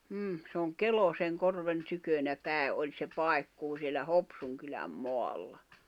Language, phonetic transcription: Finnish, m̥m̥ , se oŋ "Keloseŋ'korven 'tykönä 'pä̀e’ ’oĺ se 'pai̬kkuu siellä "Hopsuŋ kyläm 'moalla .
- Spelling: mm se on Kelosenkorven tykönä päin oli se paikkuu siellä Hopsun kylän maalla

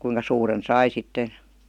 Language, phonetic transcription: Finnish, kuiŋka 'suuren "sai sitten̬ .
- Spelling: kuinka suuren sai sitten

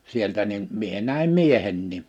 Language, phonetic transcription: Finnish, 'sieltä nim 'mie näim "miehennì .
- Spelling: sieltä niin minä näin miehenkin

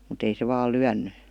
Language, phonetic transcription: Finnish, mu't ‿ei se 'vaal̆ "lyänny .
- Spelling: mutta ei se vain lyönyt

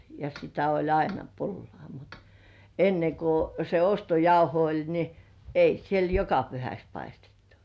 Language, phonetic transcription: Finnish, ja sitä oĺ 'aina "pullŏà mut , 'enneŋ ku se 'ostojauho oĺ ni , "ei 'siel "joka pyhäks paistettᴜ .
- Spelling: ja sitä oli aina pullaa mutta ennen kun se ostojauho oli niin ei siellä joka pyhäksi paistettu

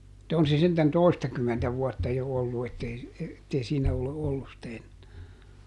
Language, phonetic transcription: Finnish, [mut]ta ˈon se sentän "toistakymmentä ˈvuɔtta jo ˈollu ettei , ettei ˈsiinä ole ˈollus sⁱtä ˈennää .
- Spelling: mutta on se sentään toistakymmentä vuotta jo ollut että ei että ei siinä ole ollut sitä enää

